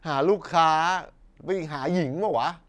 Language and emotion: Thai, frustrated